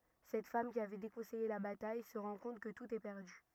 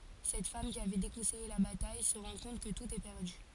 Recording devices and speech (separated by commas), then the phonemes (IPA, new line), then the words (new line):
rigid in-ear microphone, forehead accelerometer, read sentence
sɛt fam ki avɛ dekɔ̃sɛje la bataj sə ʁɑ̃ kɔ̃t kə tut ɛ pɛʁdy
Cette femme, qui avait déconseillé la bataille, se rend compte que tout est perdu.